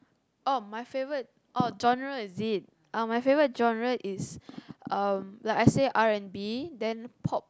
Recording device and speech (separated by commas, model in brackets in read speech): close-talking microphone, conversation in the same room